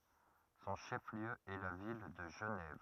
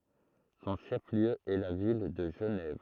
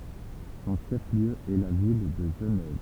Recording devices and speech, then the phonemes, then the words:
rigid in-ear microphone, throat microphone, temple vibration pickup, read sentence
sɔ̃ ʃɛf ljø ɛ la vil də ʒənɛv
Son chef-lieu est la ville de Genève.

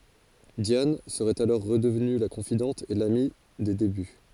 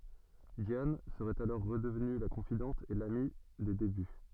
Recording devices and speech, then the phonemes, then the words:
forehead accelerometer, soft in-ear microphone, read sentence
djan səʁɛt alɔʁ ʁədəvny la kɔ̃fidɑ̃t e lami de deby
Diane serait alors redevenue la confidente et l’amie des débuts.

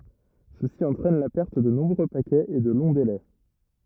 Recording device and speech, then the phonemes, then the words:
rigid in-ear microphone, read sentence
səsi ɑ̃tʁɛn la pɛʁt də nɔ̃bʁø pakɛz e də lɔ̃ delɛ
Ceci entraîne la perte de nombreux paquets et de longs délais.

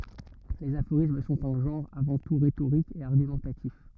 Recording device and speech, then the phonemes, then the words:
rigid in-ear microphone, read sentence
lez afoʁism sɔ̃t œ̃ ʒɑ̃ʁ avɑ̃ tu ʁetoʁik e aʁɡymɑ̃tatif
Les aphorismes sont un genre avant tout rhétorique et argumentatif.

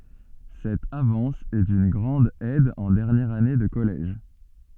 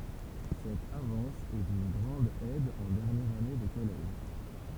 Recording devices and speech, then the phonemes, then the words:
soft in-ear microphone, temple vibration pickup, read sentence
sɛt avɑ̃s ɛ dyn ɡʁɑ̃d ɛd ɑ̃ dɛʁnjɛʁ ane də kɔlɛʒ
Cette avance est d'une grande aide en dernière année de collège.

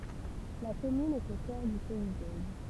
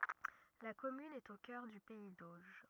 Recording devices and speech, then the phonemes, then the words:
temple vibration pickup, rigid in-ear microphone, read sentence
la kɔmyn ɛt o kœʁ dy pɛi doʒ
La commune est au cœur du pays d'Auge.

